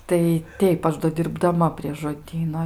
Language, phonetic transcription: Lithuanian, tai ˈteip ˈaš do dirbdaˈma prie žoˈdyno

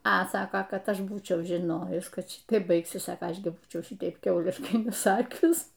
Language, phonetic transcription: Lithuanian, a ˈsako ˈkad ˈaš ˈbūčiau žiˈnojus ˈkad ˈšitaip ˈbaigsis ˈsako ˈaš gi ˈbūčiau ˈšitaip ˈkiauliškai neˈsakius

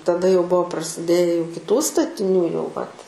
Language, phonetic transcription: Lithuanian, taˈda jau ˈbuo prasiˈdėje jau kiˈtų statiˈnių jau vat

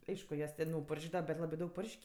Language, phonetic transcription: Lithuanian, ˈaišku ˈjuos ten jau parˈžedava bet ˈlabɜ ˈdaug ˈpuršk'

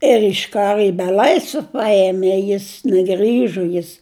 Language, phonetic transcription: Lithuanian, ir iš ˈkaru i beˈlaisve ˈpaėmė ˈjis neˈgrįžo ˈjis

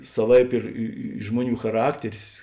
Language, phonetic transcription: Lithuanian, saˈvaip ir ˈi i ˈžmuoˌnių chaˈrakteris

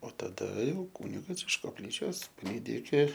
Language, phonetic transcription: Lithuanian, o taˈda ˈjau ˈkūnigas iš kopˈlyčios paˈlydi iki

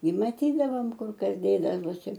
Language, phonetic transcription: Lithuanian, i maˈtydavom ˈkur ˈkas ˈdėdavosi

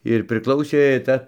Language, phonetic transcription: Lithuanian, ir priˈklausė ˈcia

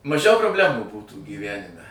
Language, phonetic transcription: Lithuanian, maˈžiau probˈlemų ˈbūtų gyˈvænime

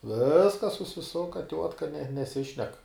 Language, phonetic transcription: Lithuanian, ˈviskas susiˈsuka ˈtiuotka ne neˈsišnek

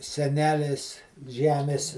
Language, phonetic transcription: Lithuanian, seˈnelės ˈžemės

